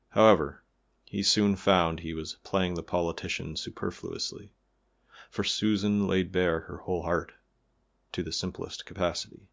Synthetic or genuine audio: genuine